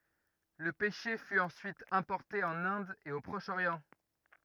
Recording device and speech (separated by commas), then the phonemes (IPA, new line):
rigid in-ear microphone, read sentence
lə pɛʃe fy ɑ̃syit ɛ̃pɔʁte ɑ̃n ɛ̃d e o pʁɔʃ oʁjɑ̃